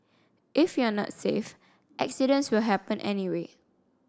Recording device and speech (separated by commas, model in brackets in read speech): standing microphone (AKG C214), read sentence